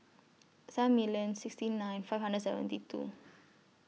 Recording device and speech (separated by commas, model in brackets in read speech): mobile phone (iPhone 6), read sentence